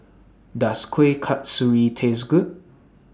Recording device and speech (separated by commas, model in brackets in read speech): standing microphone (AKG C214), read sentence